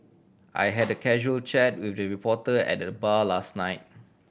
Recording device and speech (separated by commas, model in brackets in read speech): boundary microphone (BM630), read sentence